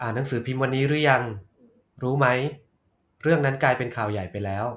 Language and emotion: Thai, neutral